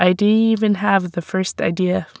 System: none